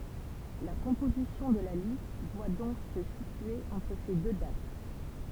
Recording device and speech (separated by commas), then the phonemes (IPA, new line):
temple vibration pickup, read sentence
la kɔ̃pozisjɔ̃ də la list dwa dɔ̃k sə sitye ɑ̃tʁ se dø dat